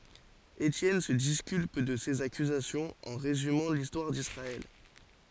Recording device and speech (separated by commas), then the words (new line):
forehead accelerometer, read sentence
Étienne se disculpe de ces accusations en résumant l’histoire d’Israël.